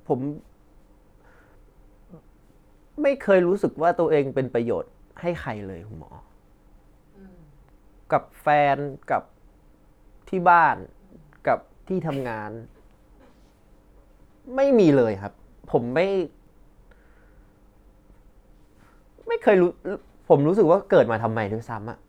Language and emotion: Thai, frustrated